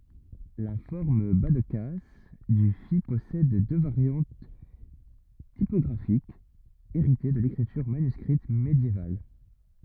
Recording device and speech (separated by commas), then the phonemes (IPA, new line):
rigid in-ear microphone, read sentence
la fɔʁm bazdkas dy fi pɔsɛd dø vaʁjɑ̃t tipɔɡʁafikz eʁite də lekʁityʁ manyskʁit medjeval